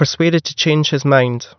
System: none